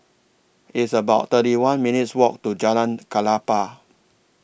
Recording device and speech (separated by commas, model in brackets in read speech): boundary microphone (BM630), read sentence